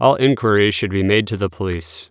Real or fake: real